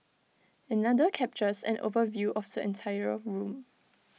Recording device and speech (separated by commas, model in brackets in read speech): mobile phone (iPhone 6), read sentence